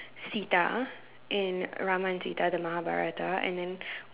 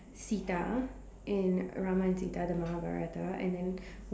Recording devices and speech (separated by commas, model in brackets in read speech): telephone, standing microphone, conversation in separate rooms